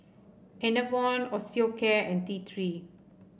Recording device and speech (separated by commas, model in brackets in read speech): boundary microphone (BM630), read sentence